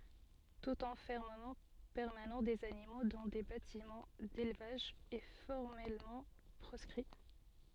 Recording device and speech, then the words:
soft in-ear microphone, read sentence
Tout enfermement permanent des animaux dans des bâtiments d'élevage est formellement proscrit.

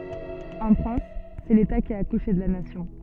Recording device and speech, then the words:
soft in-ear microphone, read sentence
En France, c'est l'État qui a accouché de la Nation.

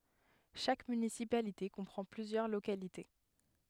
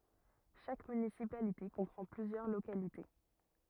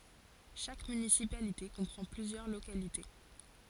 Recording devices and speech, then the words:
headset microphone, rigid in-ear microphone, forehead accelerometer, read sentence
Chaque municipalité comprend plusieurs localités.

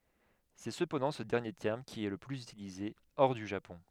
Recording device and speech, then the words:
headset microphone, read sentence
C'est cependant ce dernier terme qui est le plus utilisé hors du Japon.

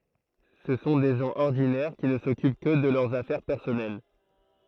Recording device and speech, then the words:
throat microphone, read sentence
Ce sont des gens ordinaires qui ne s'occupent que de leurs affaires personnelles.

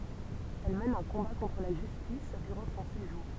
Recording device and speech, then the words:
temple vibration pickup, read sentence
Elle mène un combat contre la justice durant son séjour.

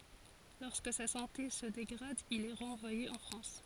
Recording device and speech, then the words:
forehead accelerometer, read sentence
Lorsque sa santé se dégrade, il est renvoyé en France.

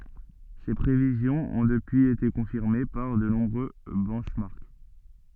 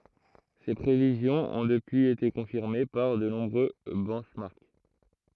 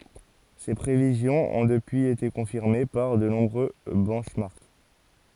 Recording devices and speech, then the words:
soft in-ear microphone, throat microphone, forehead accelerometer, read sentence
Ces prévisions ont depuis été confirmées par de nombreux benchmarks.

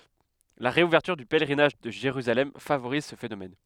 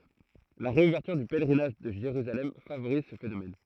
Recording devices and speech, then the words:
headset microphone, throat microphone, read sentence
La réouverture du pèlerinage de Jérusalem favorise ce phénomène.

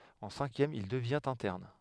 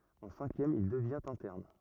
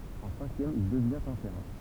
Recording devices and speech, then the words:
headset microphone, rigid in-ear microphone, temple vibration pickup, read sentence
En cinquième, il devient interne.

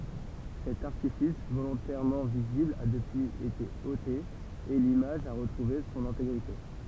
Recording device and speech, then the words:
temple vibration pickup, read sentence
Cet artifice, volontairement visible, a depuis été ôté et l'image a retrouvé son intégrité.

